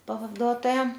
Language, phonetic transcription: Lithuanian, pavaˈduotoja

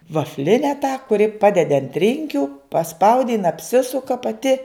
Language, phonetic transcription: Lithuanian, vafˈline tą kuˈri ˈpadedi ant ˈrinkiu paˈspaudi jin apˈsisuka paˈti

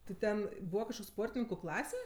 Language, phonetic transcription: Lithuanian, ti ˈten ˈbūva kažˈkok' ˈsportininku ˈklase

